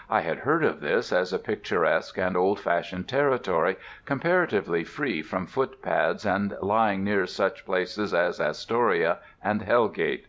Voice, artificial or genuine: genuine